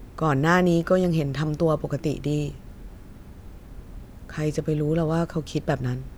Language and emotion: Thai, frustrated